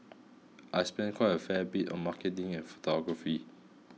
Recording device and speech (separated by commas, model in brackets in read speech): mobile phone (iPhone 6), read sentence